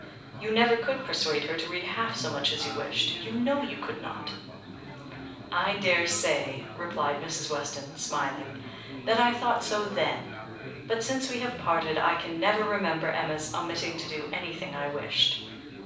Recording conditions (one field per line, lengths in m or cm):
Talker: one person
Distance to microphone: 5.8 m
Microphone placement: far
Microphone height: 1.8 m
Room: medium-sized (5.7 m by 4.0 m)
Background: babble